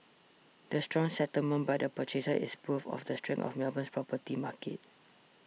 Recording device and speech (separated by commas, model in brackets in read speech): mobile phone (iPhone 6), read sentence